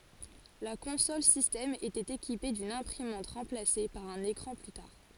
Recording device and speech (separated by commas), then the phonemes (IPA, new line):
forehead accelerometer, read sentence
la kɔ̃sɔl sistɛm etɛt ekipe dyn ɛ̃pʁimɑ̃t ʁɑ̃plase paʁ œ̃n ekʁɑ̃ ply taʁ